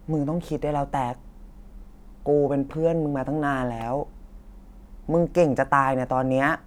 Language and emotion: Thai, neutral